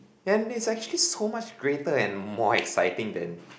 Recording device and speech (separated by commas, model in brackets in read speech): boundary microphone, conversation in the same room